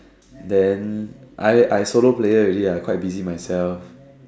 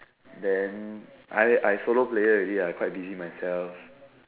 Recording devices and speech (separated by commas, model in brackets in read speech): standing microphone, telephone, conversation in separate rooms